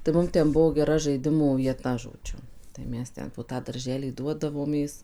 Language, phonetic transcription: Lithuanian, tai ˈmum ˈten ˈbuvo geˈra žaiˈdimų vieˈta žoˈdžiu tai ˈmes ˈten po ˈtą darˈželį ˈduodavomės

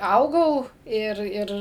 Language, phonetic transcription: Lithuanian, ˈaugau ˈir ˈir

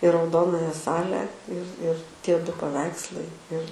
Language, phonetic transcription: Lithuanian, i rauˈdonaja ˈsale ir ir ˈtie ˈdu paˈveikslai ir

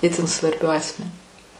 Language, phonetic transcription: Lithuanian, ˈitin svarˈbiu ˈasmeniu

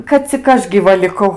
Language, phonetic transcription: Lithuanian, kad cik ˈaš gyˈva liˈkau

